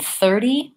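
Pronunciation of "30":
In 'thirty', the stress is on the first syllable, and the t is a flap that sounds more like a d.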